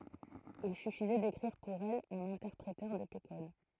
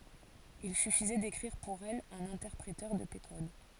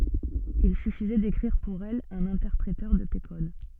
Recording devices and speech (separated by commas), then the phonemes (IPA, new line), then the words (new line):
throat microphone, forehead accelerometer, soft in-ear microphone, read sentence
il syfizɛ dekʁiʁ puʁ ɛl œ̃n ɛ̃tɛʁpʁetœʁ də pe kɔd
Il suffisait d'écrire pour elle un interpréteur de P-Code.